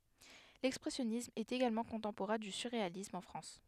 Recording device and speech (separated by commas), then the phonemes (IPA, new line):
headset microphone, read sentence
lɛkspʁɛsjɔnism ɛt eɡalmɑ̃ kɔ̃tɑ̃poʁɛ̃ dy syʁʁealism ɑ̃ fʁɑ̃s